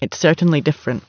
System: none